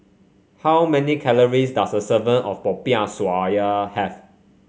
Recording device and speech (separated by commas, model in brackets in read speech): mobile phone (Samsung C5), read sentence